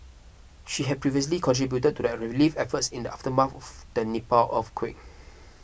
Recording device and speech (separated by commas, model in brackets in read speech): boundary microphone (BM630), read sentence